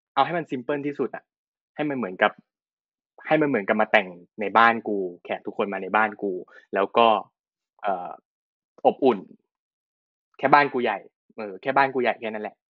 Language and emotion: Thai, neutral